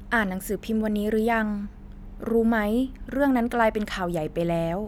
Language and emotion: Thai, neutral